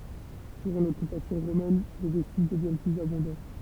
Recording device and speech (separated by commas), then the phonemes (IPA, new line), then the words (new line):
temple vibration pickup, read sentence
dyʁɑ̃ lɔkypasjɔ̃ ʁomɛn le vɛstiʒ dəvjɛn plyz abɔ̃dɑ̃
Durant l'occupation romaine, les vestiges deviennent plus abondants.